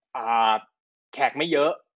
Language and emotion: Thai, neutral